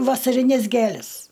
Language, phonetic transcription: Lithuanian, vasariˈnes ˈgėles

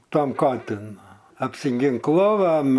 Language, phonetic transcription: Lithuanian, ˈtam ˈkatin nu apsiginkˈlovem

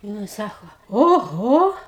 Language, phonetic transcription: Lithuanian, ˈnu i ˈsako oˈho

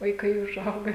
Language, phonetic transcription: Lithuanian, vaiˈkai užˈauga

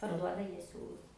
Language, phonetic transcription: Lithuanian, parˈduoda ˈjie ˈsiūlus

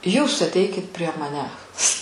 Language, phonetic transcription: Lithuanian, ˈjūs atˈeikit prie maˈnęs

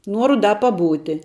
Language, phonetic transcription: Lithuanian, ˈnuoru ˈda paˈbūti

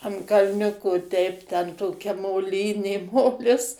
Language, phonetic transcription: Lithuanian, an kalˈniuko teip ten toˈkia moˈlynė ˈmolis

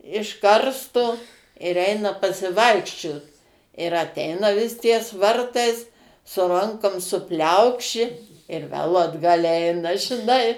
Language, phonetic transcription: Lithuanian, iš ˈkarstu ir ˈeina pasiˈvaikščiot ir aˈteina vis ties ˈvartais su ˈrankom suˈpliaukši ir vel atˈgal' ˈeina žiˈnai

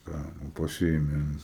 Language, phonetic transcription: Lithuanian, ˈtę nu paˈsiimi an

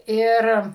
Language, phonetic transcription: Lithuanian, ˈir

